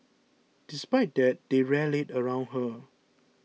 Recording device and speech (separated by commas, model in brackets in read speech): mobile phone (iPhone 6), read sentence